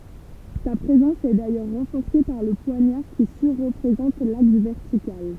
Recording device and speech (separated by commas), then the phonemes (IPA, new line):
temple vibration pickup, read sentence
sa pʁezɑ̃s ɛ dajœʁ ʁɑ̃fɔʁse paʁ lə pwaɲaʁ ki syʁ ʁəpʁezɑ̃t laks vɛʁtikal